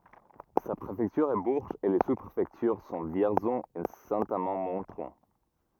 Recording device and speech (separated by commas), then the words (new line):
rigid in-ear microphone, read sentence
Sa préfecture est Bourges et les sous-préfectures sont Vierzon et Saint-Amand-Montrond.